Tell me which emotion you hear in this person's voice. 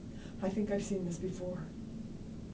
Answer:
neutral